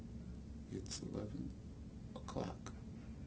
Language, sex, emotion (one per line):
English
male
fearful